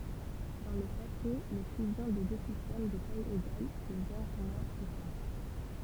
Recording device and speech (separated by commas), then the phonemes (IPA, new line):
temple vibration pickup, read sentence
dɑ̃ lə pase le fyzjɔ̃ də dø sistɛm də taj eɡal dəvɛ̃ʁ mwɛ̃ fʁekɑ̃t